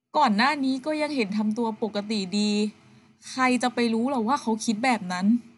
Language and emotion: Thai, frustrated